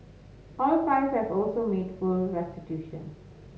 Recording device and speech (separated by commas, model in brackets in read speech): mobile phone (Samsung S8), read sentence